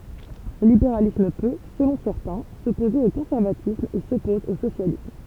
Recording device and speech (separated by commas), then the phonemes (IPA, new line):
temple vibration pickup, read sentence
lə libeʁalism pø səlɔ̃ sɛʁtɛ̃ sɔpoze o kɔ̃sɛʁvatism e sɔpɔz o sosjalism